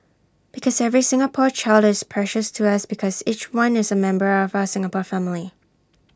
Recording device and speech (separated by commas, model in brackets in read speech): standing microphone (AKG C214), read sentence